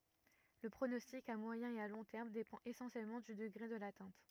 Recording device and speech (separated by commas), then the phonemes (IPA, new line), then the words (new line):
rigid in-ear microphone, read sentence
lə pʁonɔstik a mwajɛ̃ e a lɔ̃ tɛʁm depɑ̃t esɑ̃sjɛlmɑ̃ dy dəɡʁe də latɛ̃t
Le pronostic à moyen et à long terme dépend essentiellement du degré de l'atteinte.